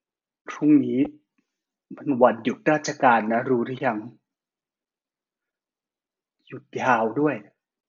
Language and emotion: Thai, sad